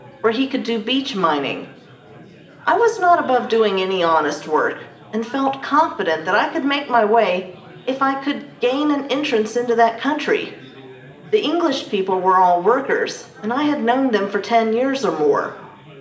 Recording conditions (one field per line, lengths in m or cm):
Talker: one person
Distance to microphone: 1.8 m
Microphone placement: close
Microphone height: 1.0 m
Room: large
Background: babble